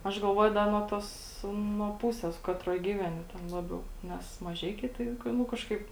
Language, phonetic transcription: Lithuanian, aš galˈvuoju ˈda nuo ˈtos nuo ˈpūsės ˈkatroj ˈgyveni ˈten ˈlabiau ˈnes maˈžeikiai ˈtai ˈnu kažˈkaip

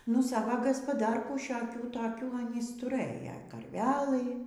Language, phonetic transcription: Lithuanian, nu ˈsava gaspaˈdarkų šioˈkių toˈkių aˈnys tuˈrɘja karˈvelɨ

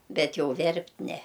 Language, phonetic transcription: Lithuanian, ˈbet ˈjau ˈverpt' ˈne

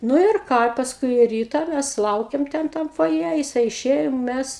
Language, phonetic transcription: Lithuanian, ˈnu ir ˈką i pasˈkui ˈryta ˈmæs ˈlaukiam ˈten ˈtam foˈje jiˈsai iˈšėjo ˈmæs

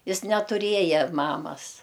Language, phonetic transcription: Lithuanian, ˈjis netuˈrieja ˈmamas

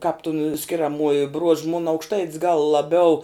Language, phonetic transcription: Lithuanian, kāp tun skiriaˈmuoji bruož mun aukšˈtait's gal laˈbiau

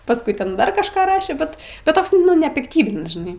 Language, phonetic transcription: Lithuanian, pasˈkui ˈten ˈdar kažˈką ˈrašė ˈbet ˈbet ˈtoks nu nepikˈtybinis žiˈnai

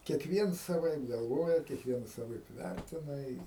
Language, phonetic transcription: Lithuanian, kiekˈviens saˈvaip galˈvoja kiekˈvienas saˈvaip ˈværtina i

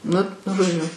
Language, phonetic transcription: Lithuanian, ˈnu žoˈdžiu

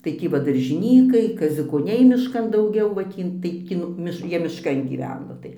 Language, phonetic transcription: Lithuanian, tai ˈtį va daržiˈnykai kaziukoˈniai mišˈkan dauˈgiau va ˈtį ˈtaip ˈki nu ˈmiš ˈjie mišˈkan gyˈveno tai

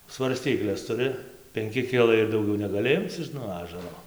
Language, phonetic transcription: Lithuanian, svarˈstykles tuˈri penˈki ˈkilai ir dauˈgiau negaˈli ˈimc iš nuo ˈažaro

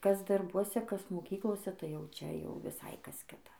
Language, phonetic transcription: Lithuanian, ˈkas darˈbuose ˈkas moˈkyklose tai ˈjau ˈčia jau viˈsai ˈkas ˈkita

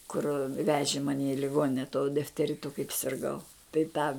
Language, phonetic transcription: Lithuanian, kur ˈveži ˈmani i liˈgonine tuo difteˈritu kaip sirˈgau tai ˈtą

